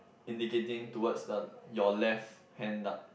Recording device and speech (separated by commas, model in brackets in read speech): boundary microphone, conversation in the same room